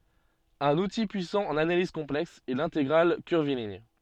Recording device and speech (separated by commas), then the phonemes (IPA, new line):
soft in-ear microphone, read sentence
œ̃n uti pyisɑ̃ ɑ̃n analiz kɔ̃plɛks ɛ lɛ̃teɡʁal kyʁviliɲ